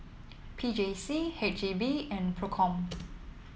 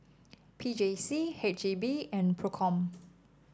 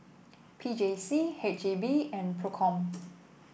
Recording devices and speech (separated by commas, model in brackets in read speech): mobile phone (iPhone 7), standing microphone (AKG C214), boundary microphone (BM630), read sentence